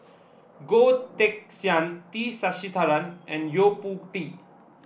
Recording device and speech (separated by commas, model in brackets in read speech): boundary microphone (BM630), read sentence